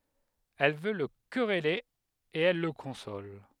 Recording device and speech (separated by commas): headset microphone, read sentence